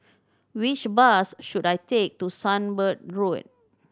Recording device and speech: standing microphone (AKG C214), read sentence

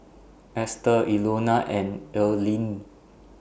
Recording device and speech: boundary microphone (BM630), read sentence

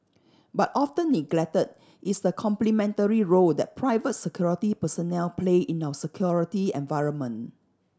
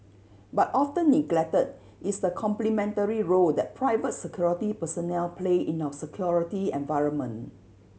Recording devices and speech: standing microphone (AKG C214), mobile phone (Samsung C7100), read sentence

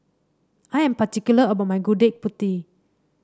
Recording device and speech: standing microphone (AKG C214), read sentence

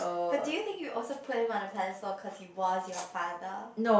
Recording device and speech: boundary microphone, conversation in the same room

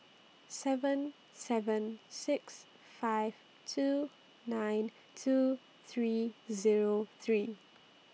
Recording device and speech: mobile phone (iPhone 6), read sentence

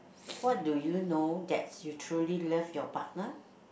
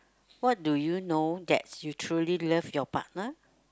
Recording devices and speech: boundary microphone, close-talking microphone, conversation in the same room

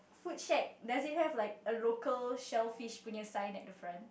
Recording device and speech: boundary microphone, conversation in the same room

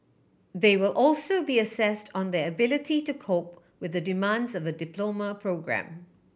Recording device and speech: boundary microphone (BM630), read sentence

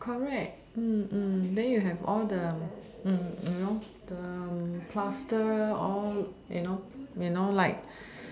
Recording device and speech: standing microphone, conversation in separate rooms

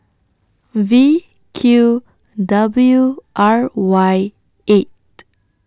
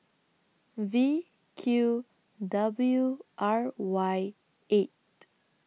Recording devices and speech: standing microphone (AKG C214), mobile phone (iPhone 6), read sentence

